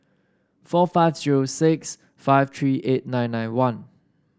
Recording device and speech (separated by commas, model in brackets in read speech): standing microphone (AKG C214), read sentence